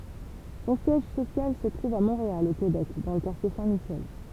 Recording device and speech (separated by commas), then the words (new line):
temple vibration pickup, read sentence
Son siège social se trouve à Montréal, au Québec, dans le quartier Saint-Michel.